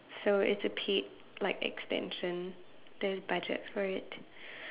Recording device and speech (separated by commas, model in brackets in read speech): telephone, conversation in separate rooms